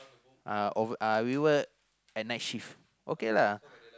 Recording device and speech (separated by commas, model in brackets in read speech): close-talking microphone, conversation in the same room